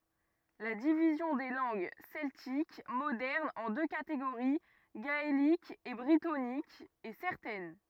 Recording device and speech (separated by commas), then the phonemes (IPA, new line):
rigid in-ear microphone, read sentence
la divizjɔ̃ de lɑ̃ɡ sɛltik modɛʁnz ɑ̃ dø kateɡoʁi ɡaelik e bʁitonik ɛ sɛʁtɛn